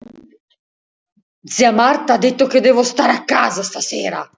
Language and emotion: Italian, angry